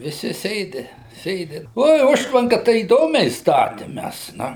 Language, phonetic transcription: Lithuanian, viˈsi ˈsėdi ˈsėdi ˈoi ˈužtvanka tai įˈdomiai ˈstatim ˈmæs ˈnu

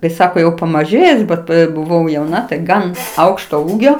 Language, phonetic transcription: Lithuanian, kai ˈsako jau pamaˈžėjus ˈbet buˈvau jauˈna tai ˈgan ˈaukšto ˈūgio

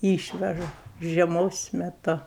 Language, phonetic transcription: Lithuanian, ˈyšveža žieˈmos meˈtu

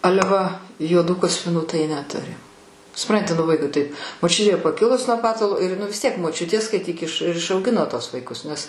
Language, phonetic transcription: Lithuanian, ˈale va juoˈdų kaspiˈnų tai neˈturi suˈpranti nu ˈvaikui taip moˈčiutė paˈkilus nuo ˈpatalo ir ˈnu vis ˈtiek moˈčiutė skaiˈtyk iš ir išauˈgino ˈtuos vaiˈkus nes

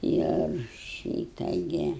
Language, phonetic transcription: Lithuanian, ir ˈšyta ˈgi

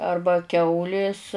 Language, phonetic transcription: Lithuanian, ˈarba ˈkiaulės

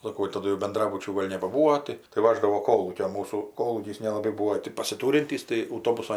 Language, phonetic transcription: Lithuanian, saˈko jau taˈdu jau benˈdrabučių ˈgol' nebaˈbūo tai tai ˈvaždavo ˈkolūkio ˈmūsų ˈkolūkys nelaˈbai ˈbūo ti pasiˈtūrintys tai auˈtobuso

